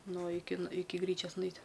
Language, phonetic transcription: Lithuanian, ˈnu ˈiki iˈki ˈgryčioas nuˈeit'

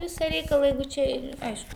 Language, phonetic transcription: Lithuanian, ˈvisa ˈreikala ˈjeigu čia i ˈaišku

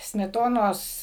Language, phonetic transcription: Lithuanian, smeˈtonos

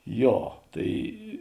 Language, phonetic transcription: Lithuanian, ˈjo ˈtai

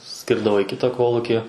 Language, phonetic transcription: Lithuanian, ˈskirdavo į ˈkitą ˈkoluki

